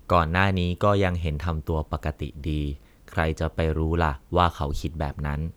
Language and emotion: Thai, neutral